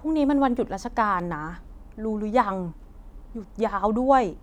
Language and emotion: Thai, frustrated